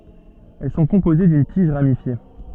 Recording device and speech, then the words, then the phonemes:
soft in-ear microphone, read sentence
Elles sont composées d'une tige ramifiée.
ɛl sɔ̃ kɔ̃poze dyn tiʒ ʁamifje

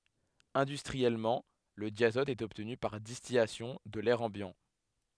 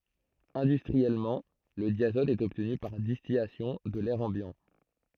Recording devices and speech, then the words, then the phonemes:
headset microphone, throat microphone, read sentence
Industriellement, le diazote est obtenu par distillation de l'air ambiant.
ɛ̃dystʁiɛlmɑ̃ lə djazɔt ɛt ɔbtny paʁ distilasjɔ̃ də lɛʁ ɑ̃bjɑ̃

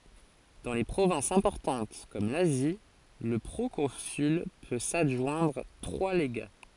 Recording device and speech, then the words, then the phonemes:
forehead accelerometer, read sentence
Dans les provinces importantes comme l'Asie, le proconsul peut s'adjoindre trois légats.
dɑ̃ le pʁovɛ̃sz ɛ̃pɔʁtɑ̃t kɔm lazi lə pʁokɔ̃syl pø sadʒwɛ̃dʁ tʁwa leɡa

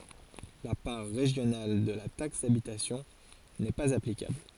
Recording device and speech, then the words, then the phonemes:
forehead accelerometer, read sentence
La part régionale de la taxe d'habitation n'est pas applicable.
la paʁ ʁeʒjonal də la taks dabitasjɔ̃ nɛ paz aplikabl

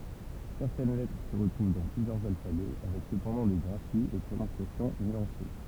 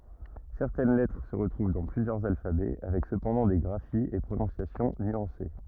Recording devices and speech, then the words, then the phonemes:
temple vibration pickup, rigid in-ear microphone, read sentence
Certaines lettres se retrouvent dans plusieurs alphabets, avec cependant des graphies et prononciations nuancées.
sɛʁtɛn lɛtʁ sə ʁətʁuv dɑ̃ plyzjœʁz alfabɛ avɛk səpɑ̃dɑ̃ de ɡʁafiz e pʁonɔ̃sjasjɔ̃ nyɑ̃se

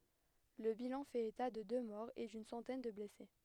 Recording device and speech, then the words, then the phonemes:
headset microphone, read sentence
Le bilan fait état de deux morts et d'une centaine de blessés.
lə bilɑ̃ fɛt eta də dø mɔʁz e dyn sɑ̃tɛn də blɛse

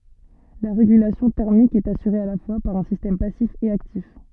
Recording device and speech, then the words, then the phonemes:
soft in-ear microphone, read sentence
La régulation thermique est assurée à la fois par un système passif et actif.
la ʁeɡylasjɔ̃ tɛʁmik ɛt asyʁe a la fwa paʁ œ̃ sistɛm pasif e aktif

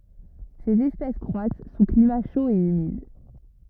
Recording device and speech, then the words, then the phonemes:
rigid in-ear microphone, read sentence
Ces espèces croissent sous climat chaud et humide.
sez ɛspɛs kʁwas su klima ʃo e ymid

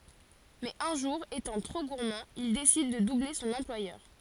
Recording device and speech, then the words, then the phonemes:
forehead accelerometer, read sentence
Mais un jour, étant trop gourmand, il décide de doubler son employeur.
mɛz œ̃ ʒuʁ etɑ̃ tʁo ɡuʁmɑ̃ il desid də duble sɔ̃n ɑ̃plwajœʁ

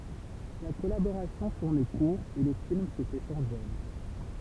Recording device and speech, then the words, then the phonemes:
temple vibration pickup, read sentence
La collaboration tourne court et le film se fait sans elle.
la kɔlaboʁasjɔ̃ tuʁn kuʁ e lə film sə fɛ sɑ̃z ɛl

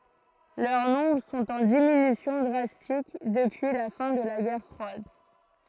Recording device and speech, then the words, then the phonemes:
throat microphone, read sentence
Leur nombre sont en diminution drastique depuis la fin de la guerre froide.
lœʁ nɔ̃bʁ sɔ̃t ɑ̃ diminysjɔ̃ dʁastik dəpyi la fɛ̃ də la ɡɛʁ fʁwad

